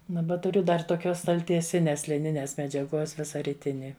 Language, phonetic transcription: Lithuanian, ˈnu va tuˈriu dar toˈkios staltieˈsinės liˈninės medžiaˈguos ˈvisa riˈtini

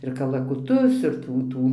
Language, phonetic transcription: Lithuanian, ir kalakuˈtus ir ˈtų ˈtų

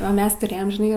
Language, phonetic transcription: Lithuanian, o ˈmes tuˈrėjam žiˈnai

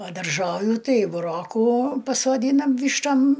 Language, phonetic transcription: Lithuanian, ˈva darˈžoviu ˈtai buˈrokų pasoˈdynam ˈvyštom

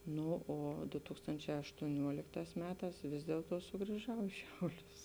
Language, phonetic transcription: Lithuanian, ˈno o du ˈtūkstončē aštuoˈniuolikˌtās ˈmeˌtās ˈvis dielˌtuo sugrįˈžau i ˈšiauˌlius

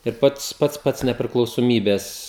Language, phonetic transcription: Lithuanian, ir ˈpats ˈpats pats nepriklausoˈmybes

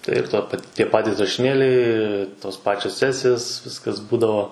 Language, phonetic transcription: Lithuanian, ˈtai ir ˈto pa ˈtie ˈpatys rašiˈnėliai ˈtos ˈpačios ˈsesijos ˈviskas ˈbūdavo

